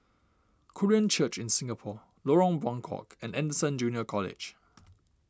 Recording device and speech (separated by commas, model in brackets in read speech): standing microphone (AKG C214), read sentence